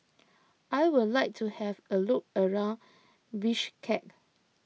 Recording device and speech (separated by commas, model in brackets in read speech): mobile phone (iPhone 6), read sentence